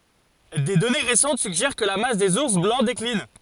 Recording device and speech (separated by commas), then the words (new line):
forehead accelerometer, read sentence
Des données récentes suggèrent que la masse des ours blancs décline.